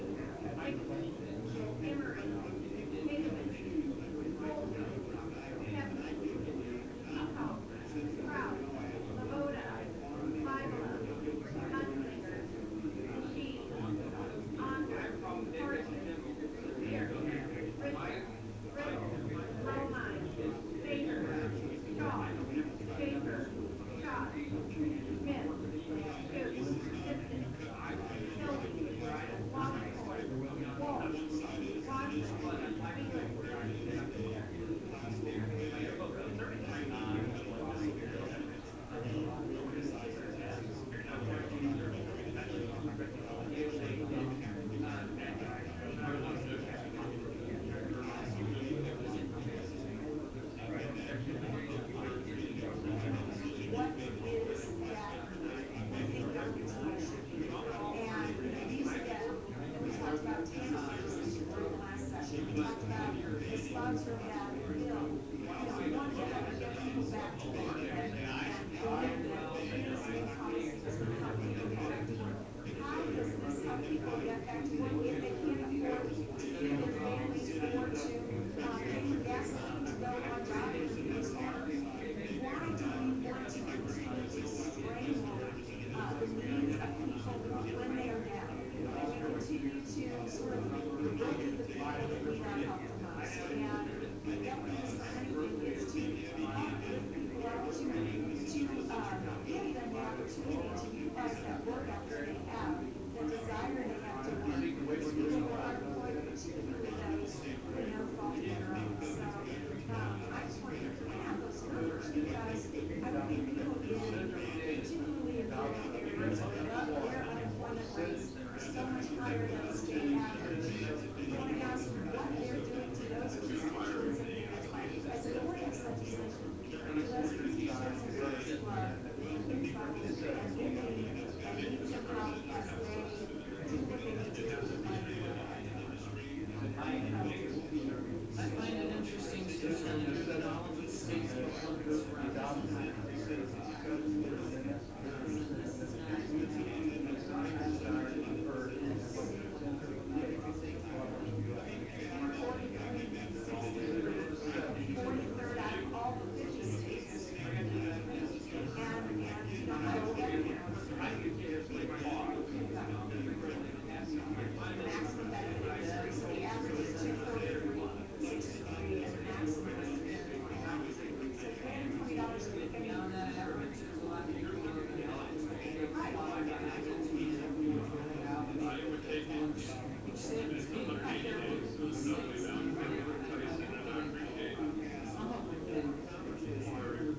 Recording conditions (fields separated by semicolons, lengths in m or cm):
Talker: no one; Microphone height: 2.7 m; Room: medium-sized (5.7 m by 4.0 m); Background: babble